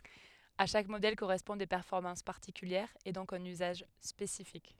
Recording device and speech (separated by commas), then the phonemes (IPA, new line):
headset microphone, read sentence
a ʃak modɛl koʁɛspɔ̃d de pɛʁfɔʁmɑ̃s paʁtikyljɛʁz e dɔ̃k œ̃n yzaʒ spesifik